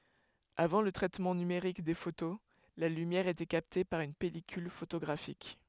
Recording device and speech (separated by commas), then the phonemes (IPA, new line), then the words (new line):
headset microphone, read sentence
avɑ̃ lə tʁɛtmɑ̃ nymeʁik de foto la lymjɛʁ etɛ kapte paʁ yn pɛlikyl fotoɡʁafik
Avant le traitement numérique des photos, la lumière était captée par une pellicule photographique.